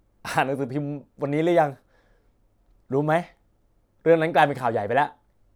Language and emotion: Thai, frustrated